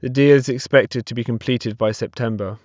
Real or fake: real